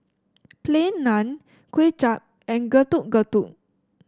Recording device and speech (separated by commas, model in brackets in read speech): standing microphone (AKG C214), read sentence